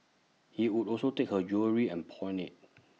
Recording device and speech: mobile phone (iPhone 6), read sentence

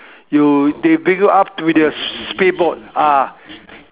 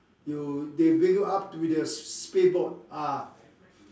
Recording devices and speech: telephone, standing microphone, conversation in separate rooms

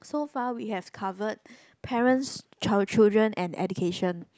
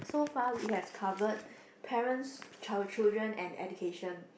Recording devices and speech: close-talking microphone, boundary microphone, conversation in the same room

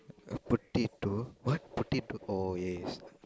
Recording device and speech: close-talking microphone, conversation in the same room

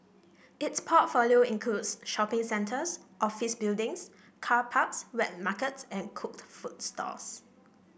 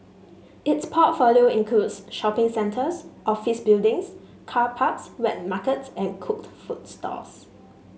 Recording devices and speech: boundary microphone (BM630), mobile phone (Samsung S8), read sentence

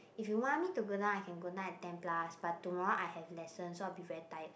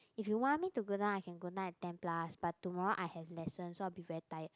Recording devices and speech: boundary microphone, close-talking microphone, conversation in the same room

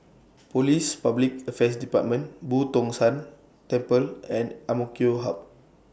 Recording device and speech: boundary microphone (BM630), read sentence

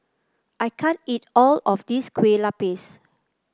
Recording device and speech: close-talking microphone (WH30), read sentence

